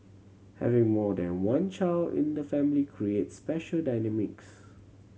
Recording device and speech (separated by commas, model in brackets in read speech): mobile phone (Samsung C7100), read sentence